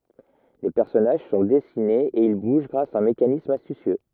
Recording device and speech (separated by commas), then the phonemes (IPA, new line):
rigid in-ear microphone, read sentence
le pɛʁsɔnaʒ sɔ̃ dɛsinez e il buʒ ɡʁas a œ̃ mekanism astysjø